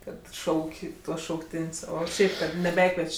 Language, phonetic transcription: Lithuanian, ˈkad ˈšauk' ˈtuos šaukˈtin's' ˈo ˈšiaip ˈkad neˈbekvieč'

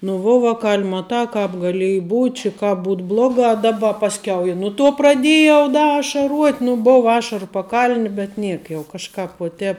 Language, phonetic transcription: Lithuanian, nu ˈvuo ˈvakal' ˈmatā ˈkāp gaˈlieji ˈbūt' či ˈkāp ˈbūt ˈblogā ˈdaba pasˈkiau i ˈnu ˌtuo praˈdėjau ˈda ašaˈruot' nu ˈbov ˈašaru paˈkal'ni bet ˈniek jau kažˈkāp uo ˈtēp

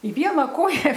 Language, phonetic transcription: Lithuanian, i ˈviena ˈkoja

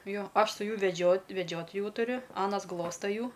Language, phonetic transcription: Lithuanian, ˈjo ˈaš su ˈjų veˈdžiot' veˈdžiot ˈjų tuˈriu ˈanas ˈglosta ˈjų

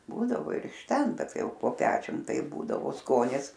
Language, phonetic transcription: Lithuanian, ˈbūdavo ir iš ˈten ˈbet ˈtai ˈjau po ˈpečium ˈtaip ˈbūdavo ˈskonis

